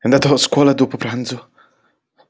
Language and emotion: Italian, fearful